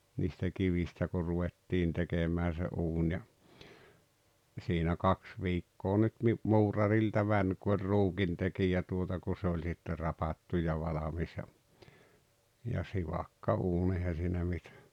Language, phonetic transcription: Finnish, niistä "kivistä ko 'ruvettiin 'tekemää se "’uuń ja , ja siinä "kaks 'viikkoo nyt ni , "muurarilta 'mäń ku oĺ "ruukintekijä tuota ku se oĺ sitte 'rapattu ja 'valamis ja , ja "sivakka "uun ehä siinä 'mitᴀ̈ .
- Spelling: niistä kivistä kun ruvettiin tekemään se uuni ja ja siinä kaksi viikkoa nyt niin muurarilta meni kun oli ruukintekijä tuota kun se oli sitten rapattu ja valmis ja ja sivakka uuni eihän siinä mitään

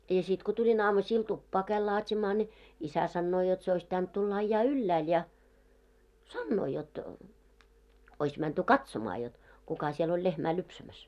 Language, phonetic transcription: Finnish, ja 'sit ko tuĺin 'aamusiil 'tuppaa käil laat́imaa ńi , 'isä sannoo jot se ois pitänt tulla 'aⁱjjaa "yllääl ja , "sannoo jot , 'ois mänty "katsomaa jot , 'kuka siel ‿oĺ 'lehmää 'lupsämäs .
- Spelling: ja sitten kun tulin aamusilla tupaan kävin laatimaan niin isä sanoo jotta se olisi pitänyt tulla ajaa ylhäälle ja sanoo jotta olisi menty katsomaan jotta kuka siellä oli lehmää lypsämässä

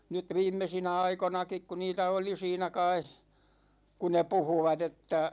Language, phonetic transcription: Finnish, nyt 'viimmesinä 'aikonakik ku 'niitä oli 'siinä kai , ku ne 'puhuvat ‿että ,.
- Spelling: nyt viimeisinä aikoinakin kun niitä oli siinä kai kun ne puhuivat että

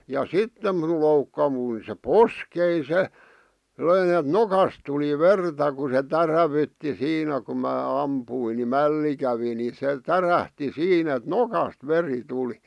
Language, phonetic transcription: Finnish, ja "sitte minul 'loukkavui se "poskei 'se , 'löin ‿et "nokas tuli "verta ku se "tärävytti 'siinä ku mää 'ampuin ni "mälli kävi , ni se "tärähti 'siinä ᵉt "nokast 'veri 'tuli .
- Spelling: ja sitten minun loukkaantui se poskeni se löin että nokasta tuli verta kun se täräytti siinä kun minä ammuin niin mälli kävi niin se tärähti siinä että nokasta veri tuli

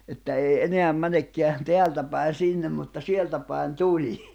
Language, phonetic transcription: Finnish, että 'ei 'eneäm 'mänekkeä , 'teältä päin̬ 'sìnnem mutta 'sieltä päen 'tuĺii .
- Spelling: että ei enää menekään täältä päin sinne mutta sieltä päin tulee

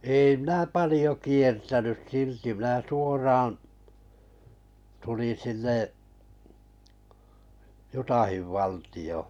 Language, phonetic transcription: Finnish, 'èi minä "palĭjo 'kiertänys 'silti mⁱnä 'suoraaᵃ̰ , 'tulin̬ sinne’ , "jutahiv valtiʲò .
- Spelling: ei minä paljon kiertänyt silti minä suoraan tulin sinne Utahin valtioon

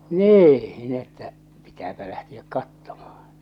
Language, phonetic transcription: Finnish, 'nii , n ‿että , 'pitääpä lähtiäk 'kattomahᴀɴ .
- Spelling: niin no että pitääpä lähteä katsomaan

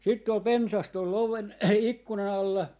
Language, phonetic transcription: Finnish, 'sitt ‿ol "pensas tol 'oven , 'ikkuna'n ‿alla .
- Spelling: sitten oli pensas tuolla oven ikkunan alla

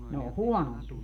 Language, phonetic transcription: Finnish, 'ne o "huonompie .
- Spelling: ne on huonompia

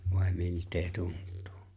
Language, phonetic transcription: Finnish, vài̬ 'milt̀ee 'tunt̆tᴜᴜ ?
- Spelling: vai miltä tuntuu

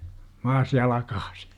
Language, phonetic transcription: Finnish, 'maas "jalakAAsI .
- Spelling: maassa jalkaisin

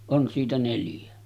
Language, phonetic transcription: Finnish, "on siitä 'neljä .
- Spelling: on siitä neljä

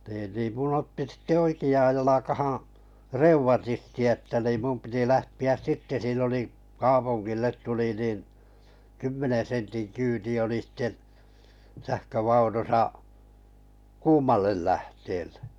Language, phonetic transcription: Finnish, nii niim 'mun otti sⁱte "oiki₍aaj 'jalakahaa̰ , "reuv̳atisti että nim 'mum piti 'lähti₍äs 'sitte siin ‿oli’ 'kaapuŋɢillet tuli nin , 'kymmenen̬ sentin 'kyyti oli sⁱte , 'sähkövaunusa , "kuumallel 'lähteellᴇ .
- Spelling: niin niin minun otti sitten oikeaan jalkaan reumatismi että niin minun piti lähteä sitten siinä oli kaupungille tuli niin kymmenen sentin kyyti oli sitten sähkövaunussa kuumalle lähteelle

